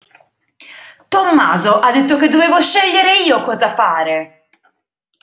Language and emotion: Italian, angry